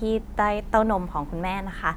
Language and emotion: Thai, neutral